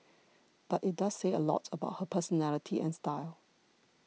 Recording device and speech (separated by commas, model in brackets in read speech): mobile phone (iPhone 6), read sentence